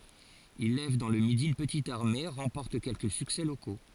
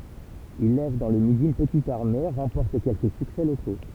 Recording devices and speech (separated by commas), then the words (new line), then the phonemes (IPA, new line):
forehead accelerometer, temple vibration pickup, read sentence
Il lève dans le Midi une petite armée, remporte quelques succès locaux.
il lɛv dɑ̃ lə midi yn pətit aʁme ʁɑ̃pɔʁt kɛlkə syksɛ loko